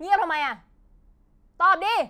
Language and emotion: Thai, angry